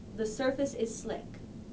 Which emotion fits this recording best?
neutral